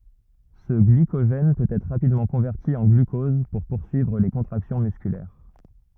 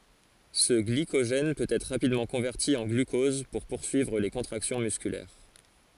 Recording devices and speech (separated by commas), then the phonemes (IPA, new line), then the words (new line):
rigid in-ear microphone, forehead accelerometer, read sentence
sə ɡlikoʒɛn pøt ɛtʁ ʁapidmɑ̃ kɔ̃vɛʁti ɑ̃ ɡlykɔz puʁ puʁsyivʁ le kɔ̃tʁaksjɔ̃ myskylɛʁ
Ce glycogène peut être rapidement converti en glucose pour poursuivre les contractions musculaires.